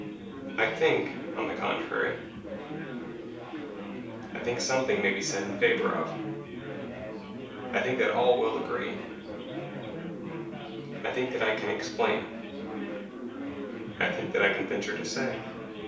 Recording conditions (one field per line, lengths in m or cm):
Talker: one person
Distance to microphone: 3.0 m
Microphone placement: far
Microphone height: 1.8 m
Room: small (3.7 m by 2.7 m)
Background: babble